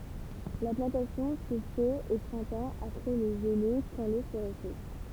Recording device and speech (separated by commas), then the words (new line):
temple vibration pickup, read sentence
La plantation se fait au printemps, après les gelées quand l’eau se réchauffe.